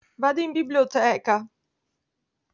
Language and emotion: Italian, fearful